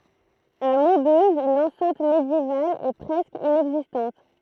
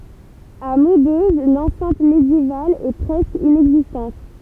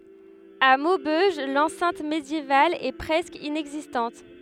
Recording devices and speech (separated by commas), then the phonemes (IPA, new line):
throat microphone, temple vibration pickup, headset microphone, read sentence
a mobøʒ lɑ̃sɛ̃t medjeval ɛ pʁɛskə inɛɡzistɑ̃t